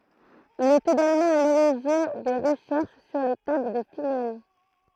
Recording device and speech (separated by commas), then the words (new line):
throat microphone, read sentence
Il est également à l'origine des recherches sur les tables de finales.